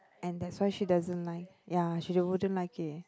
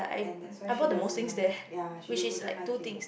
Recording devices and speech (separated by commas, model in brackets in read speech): close-talking microphone, boundary microphone, conversation in the same room